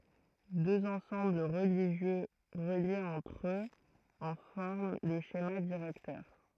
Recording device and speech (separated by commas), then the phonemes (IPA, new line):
throat microphone, read sentence
døz ɑ̃sɑ̃bl ʁəliʒjø ʁəljez ɑ̃tʁ øz ɑ̃ fɔʁm lə ʃema diʁɛktœʁ